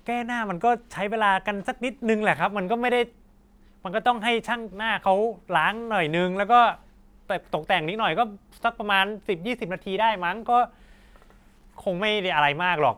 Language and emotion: Thai, frustrated